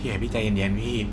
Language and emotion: Thai, neutral